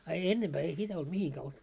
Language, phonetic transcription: Finnish, a 'ennemʙää ei 'sitä olt 'mihiŋkää os- ,.
- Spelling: a ennempää ei sitä ollut mihinkään -

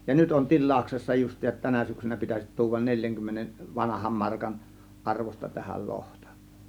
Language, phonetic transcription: Finnish, ja 'nyt on "til̆làuksessa just̆tiisat 'tänä syksynä 'pitäsit tuuvan 'neĺjäŋkymmenen , 'vanaham markan , 'ˀarvos̆ta tähäl 'lohtA .
- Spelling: ja nyt on tilauksessa justiinsa tänä syksynä pitäisi tuoda neljänkymmenen vanhan markan arvosta tähän lohta

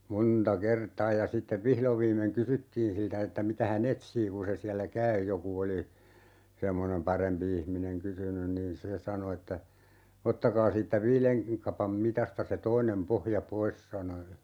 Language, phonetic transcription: Finnish, 'monta "kertaa ja 'sittev 'vihlov viimmeŋ "kysyttiin siltä että 'mitä hä"n ‿etsii 'kun̬ se siällä "käy 'joku oli , 'semmonem "parempi ihmineŋ 'kysynyn niin "se 'sano että , » 'ottakaa siittä "viileŋ , 'kapam "mitasta se 'toinem 'pohja "pois » sano (ja) ,.
- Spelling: monta kertaa ja sitten vihdoin viimein kysyttiin siltä että mitä hän etsii kun se siellä käy joku oli semmoinen parempi ihminen kysynyt niin se sanoi että ottakaa siitä viiden kapan mitasta se toinen pohja pois sanoi ja

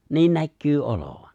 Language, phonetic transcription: Finnish, 'niin näkkyy '’olovan̬ .
- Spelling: niin näkyy olevan

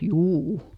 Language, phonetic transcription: Finnish, » "juu₍u . »
- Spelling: juu

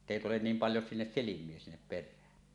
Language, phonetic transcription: Finnish, [et]tèi tulen 'niim "paljo sinnes "silim̀ie sinnep 'per̆rään .
- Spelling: että ei tule niin paljon sinne silmiä sinne perään

